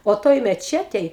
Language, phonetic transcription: Lithuanian, o ˈtoj meˈčetej

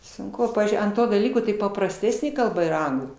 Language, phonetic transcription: Lithuanian, sunˈku ˈpavyzdžiui ant ˈto daˈlyko tai paprasˈtesnė kalˈba yˈra ˈanglų

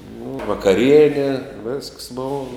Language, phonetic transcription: Lithuanian, nu vakaˈriene vesks ˈbova

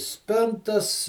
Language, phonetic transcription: Lithuanian, ˈspintas

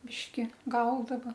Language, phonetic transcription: Lithuanian, ˈbiški ˈgaudava

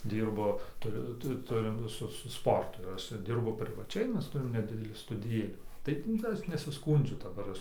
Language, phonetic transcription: Lithuanian, ˈdyrbu tuˈriu ˈtu ˈturim ˈsu su ˈsportu ir ˈaš ˈdirbu privaˈčiai ˈmes ˈturim neˈdidelį studiˈjėlį ˈtaip nu kad ˈaš nesiˈskūndžiu daˈbar ˈaš

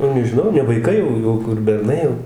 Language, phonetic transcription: Lithuanian, nu nežiˈnau ne vaiˈkai jau ˈjau kur berˈnai jau

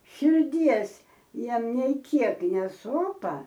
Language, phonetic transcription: Lithuanian, širˈdies ˈjiem nei ˈkiek neˈsopa

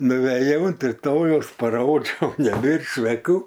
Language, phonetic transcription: Lithuanian, nuveˈjau unt riˈtojaus paˈrodžiau neˈbėr čveˈkų

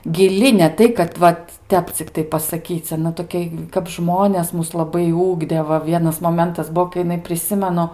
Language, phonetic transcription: Lithuanian, giˈli ne ˈtai kad ˈvat ˈtep cikˈtai pasaˈkyc aˈna toˈkia kap ˈžmones ˈmus laˈbai ˈugdė ˈva ˈvienas moˈmentas ˈbuo kai jiˈnai priˈsimenu

